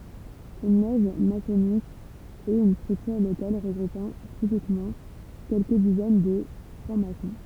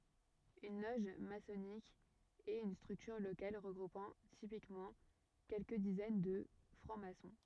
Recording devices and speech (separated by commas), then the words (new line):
temple vibration pickup, rigid in-ear microphone, read sentence
Une loge maçonnique est une structure locale regroupant typiquement quelques dizaines de francs-maçons.